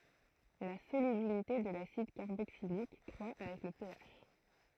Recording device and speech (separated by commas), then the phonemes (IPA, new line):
throat microphone, read sentence
la solybilite də lasid kaʁboksilik kʁwa avɛk lə peaʃ